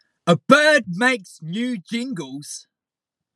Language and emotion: English, disgusted